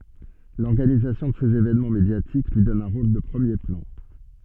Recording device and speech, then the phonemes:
soft in-ear microphone, read sentence
lɔʁɡanizasjɔ̃ də sez evɛnmɑ̃ medjatik lyi dɔn œ̃ ʁol də pʁəmje plɑ̃

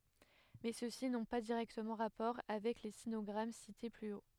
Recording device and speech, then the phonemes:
headset microphone, read sentence
mɛ søksi nɔ̃ pa diʁɛktəmɑ̃ ʁapɔʁ avɛk le sinɔɡʁam site ply o

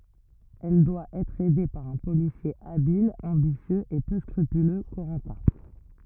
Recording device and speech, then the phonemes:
rigid in-ear microphone, read sentence
ɛl dwa ɛtʁ ɛde paʁ œ̃ polisje abil ɑ̃bisjøz e pø skʁypylø koʁɑ̃tɛ̃

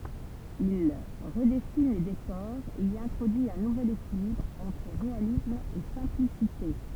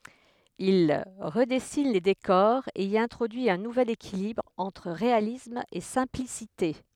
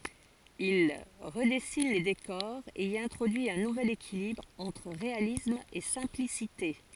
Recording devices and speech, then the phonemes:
temple vibration pickup, headset microphone, forehead accelerometer, read sentence
il ʁədɛsin le dekɔʁz e i ɛ̃tʁodyi œ̃ nuvɛl ekilibʁ ɑ̃tʁ ʁealism e sɛ̃plisite

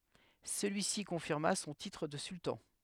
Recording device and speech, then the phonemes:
headset microphone, read sentence
səlyisi kɔ̃fiʁma sɔ̃ titʁ də syltɑ̃

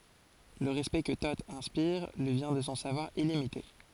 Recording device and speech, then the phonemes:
forehead accelerometer, read sentence
lə ʁɛspɛkt kə to ɛ̃spiʁ lyi vjɛ̃ də sɔ̃ savwaʁ ilimite

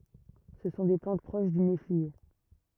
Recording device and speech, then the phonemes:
rigid in-ear microphone, read sentence
sə sɔ̃ de plɑ̃t pʁoʃ dy neflie

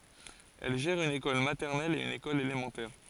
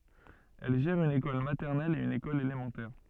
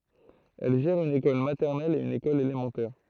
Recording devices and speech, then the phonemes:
forehead accelerometer, soft in-ear microphone, throat microphone, read sentence
ɛl ʒɛʁ yn ekɔl matɛʁnɛl e yn ekɔl elemɑ̃tɛʁ

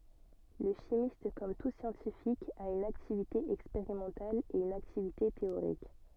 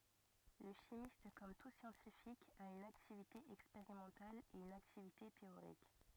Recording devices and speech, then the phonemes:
soft in-ear microphone, rigid in-ear microphone, read sentence
lə ʃimist kɔm tu sjɑ̃tifik a yn aktivite ɛkspeʁimɑ̃tal e yn aktivite teoʁik

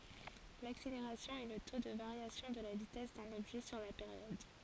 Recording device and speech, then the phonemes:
forehead accelerometer, read sentence
lakseleʁasjɔ̃ ɛ lə to də vaʁjasjɔ̃ də la vitɛs dœ̃n ɔbʒɛ syʁ la peʁjɔd

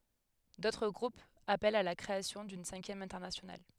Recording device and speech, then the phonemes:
headset microphone, read sentence
dotʁ ɡʁupz apɛlt a la kʁeasjɔ̃ dyn sɛ̃kjɛm ɛ̃tɛʁnasjonal

